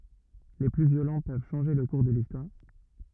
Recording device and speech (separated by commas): rigid in-ear microphone, read sentence